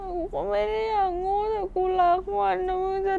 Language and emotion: Thai, sad